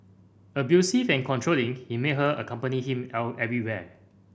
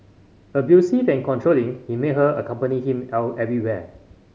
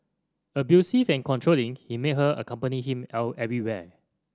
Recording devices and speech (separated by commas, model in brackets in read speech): boundary microphone (BM630), mobile phone (Samsung C5010), standing microphone (AKG C214), read sentence